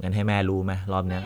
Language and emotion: Thai, neutral